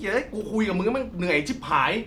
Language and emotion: Thai, frustrated